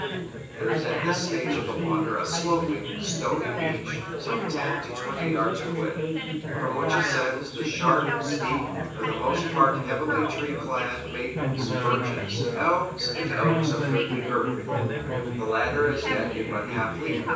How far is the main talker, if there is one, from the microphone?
9.8 m.